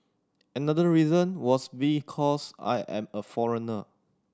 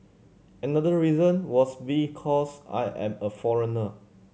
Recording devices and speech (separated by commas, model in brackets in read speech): standing microphone (AKG C214), mobile phone (Samsung C7100), read sentence